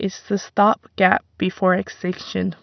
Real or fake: real